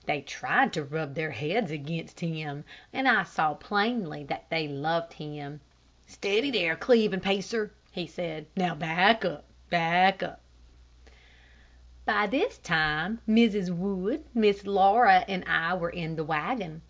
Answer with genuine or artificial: genuine